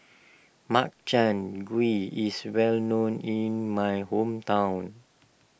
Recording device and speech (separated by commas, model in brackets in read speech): boundary microphone (BM630), read sentence